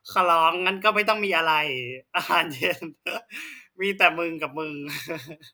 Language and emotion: Thai, happy